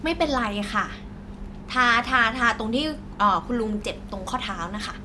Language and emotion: Thai, neutral